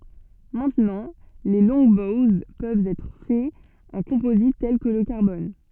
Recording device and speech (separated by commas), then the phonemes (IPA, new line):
soft in-ear microphone, read sentence
mɛ̃tnɑ̃ leə lɔ̃ɡbowz pøvt ɛtʁ fɛz ɑ̃ kɔ̃pozit tɛl kə lə kaʁbɔn